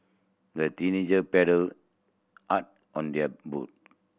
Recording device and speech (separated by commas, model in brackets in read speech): boundary microphone (BM630), read sentence